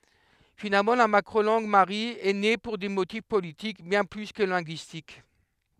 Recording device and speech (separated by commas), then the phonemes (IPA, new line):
headset microphone, read sentence
finalmɑ̃ la makʁo lɑ̃ɡ maʁi ɛ ne puʁ de motif politik bjɛ̃ ply kə lɛ̃ɡyistik